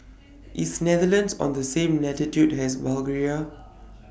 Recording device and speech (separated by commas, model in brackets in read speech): boundary microphone (BM630), read sentence